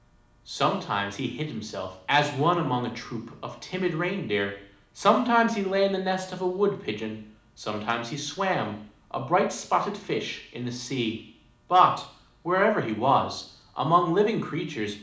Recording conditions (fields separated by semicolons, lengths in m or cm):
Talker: one person; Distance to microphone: 2.0 m; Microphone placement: close; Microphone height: 99 cm; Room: medium-sized (5.7 m by 4.0 m); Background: none